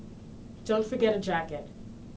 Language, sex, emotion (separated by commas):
English, female, neutral